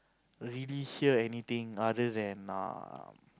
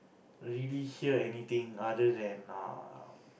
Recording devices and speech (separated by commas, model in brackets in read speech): close-talking microphone, boundary microphone, conversation in the same room